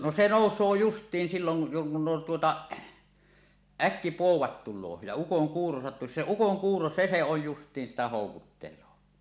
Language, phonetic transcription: Finnish, no se "nòus̀oo "just̀iin 'siiloŋ ku , tuota , "äk-kipòuwat tul̆loo ja 'ukoŋkuuro sattusi , 'se "ukoŋkuuro "se se oj 'just̀iin sitä 'hòukuttel̀oo .
- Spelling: no se nousee justiin silloin kun tuota äkkipoudat tulee ja ukonkuuro sattuisi se ukonkuuro se se on justiin sitä houkuttelee

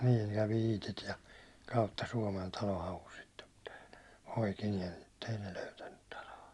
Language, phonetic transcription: Finnish, niin kävi 'Iitit ja , kautta 'Suåmen 'talo havus sittem (mutta) , poikiniem mutt ‿ei ne 'löytännyt talo₍a .
- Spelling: niin kävi Iitit ja kautta Suomen talon haussa sitten mutta poikineen mutta ei ne löytänyt taloa

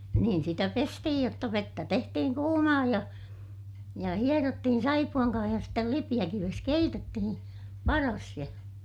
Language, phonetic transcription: Finnish, niin sitä pestihij jotta vettä tehtihiŋ kuumaa ja , ja hierottihin saipu₍aŋ kaah ja stel lipiʲäkives keitettihin̬ , paras ja ,.
- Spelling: niin sitä pestiin jotta vettä tehtiin kuumaa ja ja hierottiin saippuan kanssa ja sitten lipeäkivessä keitettiin padassa ja

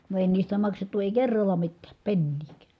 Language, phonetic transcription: Finnish, no èi niistä maksettu èi kerralla mittääp penniikÄÄ .
- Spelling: no ei niistä maksettu ei kerralla mitään penniäkään

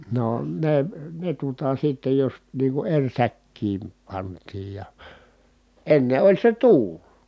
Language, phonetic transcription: Finnish, no , ne , ne tuota sittej jos nii ku eŕ säkkiim pant̀iij ja , enne oĺ se tuul .
- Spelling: no ne ne tuota sitten jos niin kuin eri säkkiin pantiin ja ennen oli se tuuli

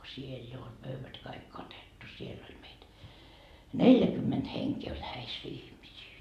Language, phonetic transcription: Finnish, 'siel jo ol 'pöyvät kaik 'katettu siell ‿oĺ meit , "neljäkymment heŋkee oĺ häis 'ihmisii .
- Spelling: siellä jo oli pöydät kaikki katettu siellä oli meitä neljäkymmentä henkeä oli häissä ihmisiä

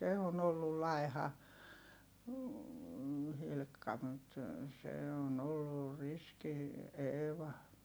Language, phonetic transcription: Finnish, se on ‿ollul lai̮ha , Hilkka mut , se on ‿ollur riski , Eeva .
- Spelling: se on ollut laiha Hilkka mutta se on ollut riski Eeva

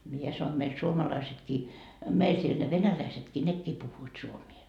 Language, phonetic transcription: Finnish, 'mie sano meil "suomalaisetkii , 'meil siel ne 'venäläisetkii 'nekkii 'puhhuit suomie .
- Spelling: minä sanoin meillä suomalaisetkin meillä siellä ne venäläisetkin nekin puhuivat suomea

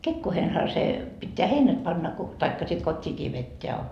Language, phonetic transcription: Finnish, 'kekkoohenha se , pitteä 'heinät panna ko , taikka 'sit 'kot́t́iikii vetteä .
- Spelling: kekoihinhan se pitää heinät panna kun tai sitten kotiinkin vetää

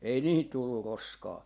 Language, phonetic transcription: Finnish, ei 'niihit tullu "roskaa .
- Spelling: ei niihin tullut roskaa

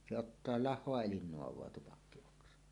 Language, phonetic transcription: Finnish, se "ottaa 'lah̆hoa elin 'noav̀oa tupakki₍oksa .
- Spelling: se ottaa lahoa eli naavaa tupakkioksa

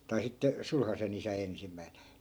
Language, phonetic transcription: Finnish, tai 'sitte , "sulhase'n ‿isä 'ensim̆mäin̬ .
- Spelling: tai sitten sulhasen isä ensimmäisenä

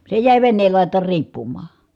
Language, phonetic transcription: Finnish, se jä̀i̮ venneel làit̀aar riippummaa .
- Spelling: se jäi veneen laitaan riippumaan

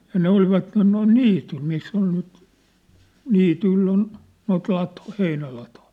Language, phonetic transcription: Finnish, ja ne 'olvatten noin "niityl miss ‿ol nyt , 'niityⁱll ‿on , noit 'latŏⁱ , 'heinälatoĭ .
- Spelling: ja ne olivat noin niityillä missä oli nyt niityillä on noita latoja heinälatoja

